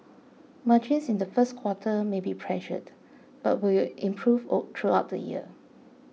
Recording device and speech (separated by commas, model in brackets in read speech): mobile phone (iPhone 6), read sentence